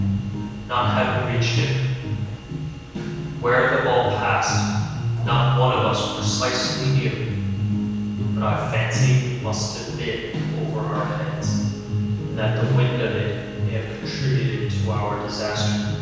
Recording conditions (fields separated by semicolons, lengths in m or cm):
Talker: one person; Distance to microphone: 7.1 m; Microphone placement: far; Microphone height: 1.7 m; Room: very reverberant, large; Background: music